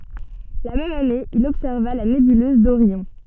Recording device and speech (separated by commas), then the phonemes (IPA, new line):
soft in-ear microphone, read sentence
la mɛm ane il ɔbsɛʁva la nebyløz doʁjɔ̃